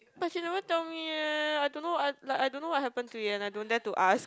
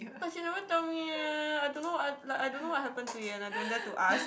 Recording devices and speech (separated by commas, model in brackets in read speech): close-talking microphone, boundary microphone, conversation in the same room